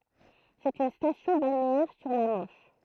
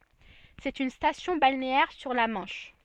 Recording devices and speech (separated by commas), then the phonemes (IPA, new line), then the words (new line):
throat microphone, soft in-ear microphone, read sentence
sɛt yn stasjɔ̃ balneɛʁ syʁ la mɑ̃ʃ
C'est une station balnéaire sur la Manche.